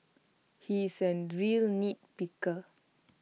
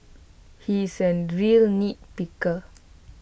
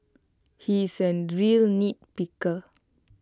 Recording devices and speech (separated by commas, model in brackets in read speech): mobile phone (iPhone 6), boundary microphone (BM630), close-talking microphone (WH20), read sentence